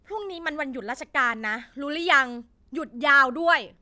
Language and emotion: Thai, angry